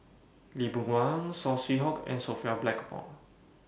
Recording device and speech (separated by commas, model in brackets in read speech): boundary microphone (BM630), read sentence